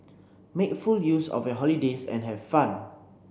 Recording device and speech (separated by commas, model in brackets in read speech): boundary microphone (BM630), read sentence